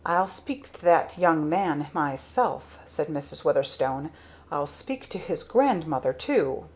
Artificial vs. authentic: authentic